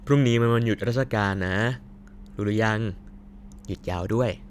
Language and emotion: Thai, happy